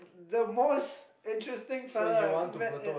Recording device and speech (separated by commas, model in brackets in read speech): boundary microphone, conversation in the same room